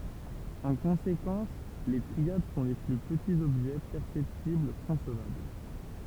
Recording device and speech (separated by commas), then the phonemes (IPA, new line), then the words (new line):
temple vibration pickup, read sentence
ɑ̃ kɔ̃sekɑ̃s le tʁiad sɔ̃ le ply pətiz ɔbʒɛ pɛʁsɛptibl kɔ̃svabl
En conséquence, les triades sont les plus petits objets perceptibles concevables.